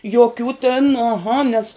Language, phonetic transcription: Lithuanian, joˈkių tin aˈha nės

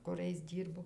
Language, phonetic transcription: Lithuanian, kuˈrais ˈdyrbo

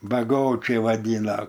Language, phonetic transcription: Lithuanian, baˈgočiai vaˈdyna

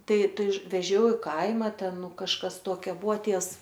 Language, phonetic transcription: Lithuanian, ˈtai ˈtai veˈžiau i ˈkaima ˈten ˈnu kažˈkas ˈtuokia ˈbuo ˈtievs

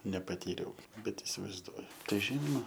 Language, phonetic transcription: Lithuanian, nepaˈtyriau ˈbet isivaizˈduoju ˈtai ˈžynoma

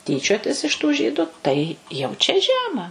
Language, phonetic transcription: Lithuanian, ˈtyčiotis iš tų ˈžydu ˈtai jau čia ˈžema

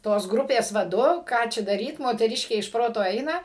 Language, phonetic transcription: Lithuanian, ˈtos ˈgrupės vaˈdu ˈką čia daˈryt moteˈriškė iš ˈproto ˈaina

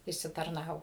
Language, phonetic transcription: Lithuanian, išsitarˈnavo

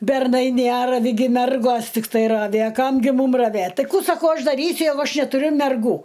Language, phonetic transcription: Lithuanian, berˈnai ˈnæravi gi ˈmergos tikˈtai ˈravi a ˈkam gi ˈmūm raˈvėt ˈtai ˈkų saˈkau ˈaš daˈrysiu ˈjeigu ˈaš netuˈriu merˈgų

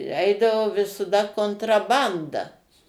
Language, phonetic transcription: Lithuanian, ˈeidavo visaˈda kontraˈbanda

